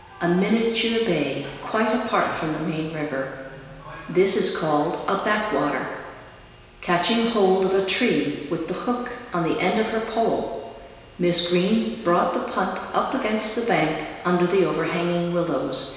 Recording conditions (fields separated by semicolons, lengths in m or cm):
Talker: one person; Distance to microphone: 1.7 m; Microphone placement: close; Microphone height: 1.0 m; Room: very reverberant, large; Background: television